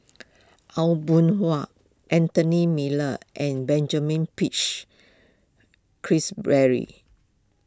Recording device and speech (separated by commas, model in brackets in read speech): close-talking microphone (WH20), read sentence